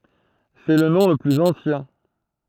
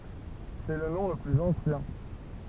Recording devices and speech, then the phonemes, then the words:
throat microphone, temple vibration pickup, read sentence
sɛ lə nɔ̃ lə plyz ɑ̃sjɛ̃
C'est le nom le plus ancien.

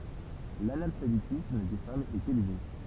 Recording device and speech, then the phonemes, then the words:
temple vibration pickup, read sentence
lanalfabetism de famz ɛt elve
L'analphabétisme des femmes est élevé.

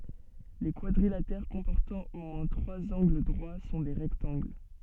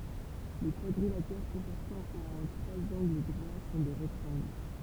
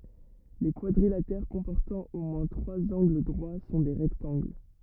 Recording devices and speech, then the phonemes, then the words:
soft in-ear microphone, temple vibration pickup, rigid in-ear microphone, read sentence
le kwadʁilatɛʁ kɔ̃pɔʁtɑ̃ o mwɛ̃ tʁwaz ɑ̃ɡl dʁwa sɔ̃ le ʁɛktɑ̃ɡl
Les quadrilatères comportant au moins trois angles droits sont les rectangles.

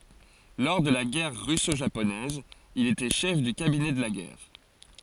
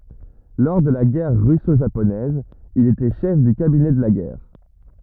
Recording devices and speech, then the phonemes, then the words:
forehead accelerometer, rigid in-ear microphone, read sentence
lɔʁ də la ɡɛʁ ʁysoʒaponɛz il etɛ ʃɛf dy kabinɛ də la ɡɛʁ
Lors de la Guerre russo-japonaise, il était chef du cabinet de la guerre.

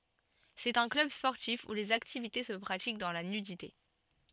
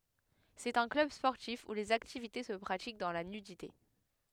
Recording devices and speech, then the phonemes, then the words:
soft in-ear microphone, headset microphone, read sentence
sɛt œ̃ klœb spɔʁtif u lez aktivite sə pʁatik dɑ̃ la nydite
C'est un club sportif où les activités se pratiquent dans la nudité.

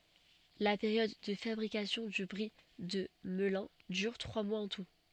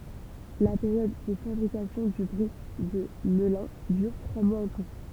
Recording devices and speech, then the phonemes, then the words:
soft in-ear microphone, temple vibration pickup, read sentence
la peʁjɔd də fabʁikasjɔ̃ dy bʁi də məlœ̃ dyʁ tʁwa mwaz ɑ̃ tu
La période de fabrication du Brie de Melun dure trois mois en tout.

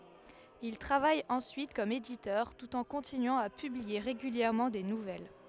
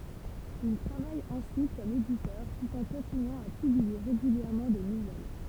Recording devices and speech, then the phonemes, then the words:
headset microphone, temple vibration pickup, read sentence
il tʁavaj ɑ̃syit kɔm editœʁ tut ɑ̃ kɔ̃tinyɑ̃ a pyblie ʁeɡyljɛʁmɑ̃ de nuvɛl
Il travaille ensuite comme éditeur, tout en continuant à publier régulièrement des nouvelles.

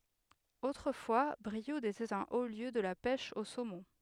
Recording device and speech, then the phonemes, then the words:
headset microphone, read sentence
otʁəfwa bʁiud etɛt œ̃ o ljø də la pɛʃ o somɔ̃
Autrefois, Brioude était un haut lieu de la pêche au saumon.

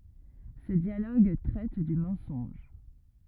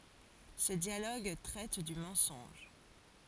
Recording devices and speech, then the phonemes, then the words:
rigid in-ear microphone, forehead accelerometer, read sentence
sə djaloɡ tʁɛt dy mɑ̃sɔ̃ʒ
Ce dialogue traite du mensonge.

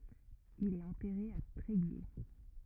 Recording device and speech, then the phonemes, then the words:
rigid in-ear microphone, read sentence
il ɛt ɑ̃tɛʁe a tʁeɡje
Il est enterré à Tréguier.

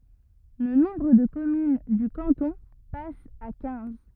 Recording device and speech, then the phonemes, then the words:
rigid in-ear microphone, read sentence
lə nɔ̃bʁ də kɔmyn dy kɑ̃tɔ̃ pas a kɛ̃z
Le nombre de communes du canton passe à quinze.

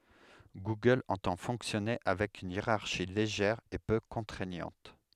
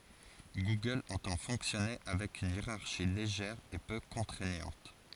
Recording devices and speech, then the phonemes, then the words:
headset microphone, forehead accelerometer, read sentence
ɡuɡœl ɑ̃tɑ̃ fɔ̃ksjɔne avɛk yn jeʁaʁʃi leʒɛʁ e pø kɔ̃tʁɛɲɑ̃t
Google entend fonctionner avec une hiérarchie légère et peu contraignante.

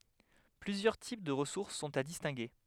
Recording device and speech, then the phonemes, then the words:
headset microphone, read sentence
plyzjœʁ tip də ʁəsuʁs sɔ̃t a distɛ̃ɡe
Plusieurs types de ressources sont à distinguer.

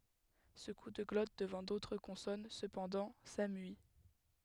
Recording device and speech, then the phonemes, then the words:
headset microphone, read sentence
sə ku də ɡlɔt dəvɑ̃ dotʁ kɔ̃sɔn səpɑ̃dɑ̃ samyi
Ce coup de glotte devant d'autres consonnes, cependant, s'amuït.

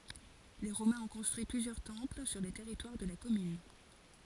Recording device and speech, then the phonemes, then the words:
forehead accelerometer, read sentence
le ʁomɛ̃z ɔ̃ kɔ̃stʁyi plyzjœʁ tɑ̃pl syʁ lə tɛʁitwaʁ də la kɔmyn
Les Romains ont construit plusieurs temples sur le territoire de la commune.

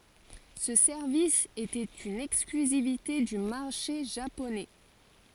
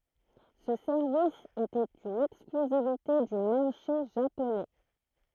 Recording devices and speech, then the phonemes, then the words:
forehead accelerometer, throat microphone, read sentence
sə sɛʁvis etɛt yn ɛksklyzivite dy maʁʃe ʒaponɛ
Ce service était une exclusivité du marché japonais.

